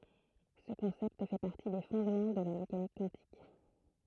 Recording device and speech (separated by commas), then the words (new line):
throat microphone, read sentence
Ce concept fait partie des fondements de la mécanique quantique.